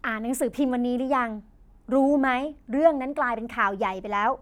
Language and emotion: Thai, neutral